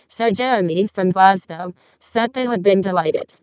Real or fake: fake